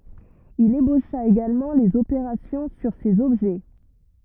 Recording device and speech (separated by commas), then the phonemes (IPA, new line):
rigid in-ear microphone, read sentence
il eboʃa eɡalmɑ̃ lez opeʁasjɔ̃ syʁ sez ɔbʒɛ